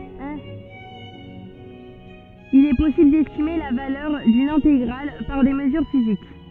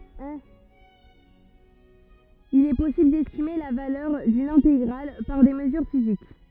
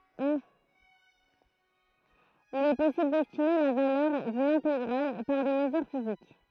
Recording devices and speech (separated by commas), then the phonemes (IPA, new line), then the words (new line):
soft in-ear microphone, rigid in-ear microphone, throat microphone, read sentence
il ɛ pɔsibl dɛstime la valœʁ dyn ɛ̃teɡʁal paʁ de məzyʁ fizik
Il est possible d'estimer la valeur d'une intégrale par des mesures physiques.